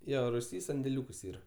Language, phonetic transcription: Lithuanian, ˈjo ruˈsy sandeˈliūkus ˈyra

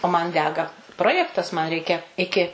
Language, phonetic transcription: Lithuanian, o man ˈdega ˈprojektas man ˈreikia ˈiki

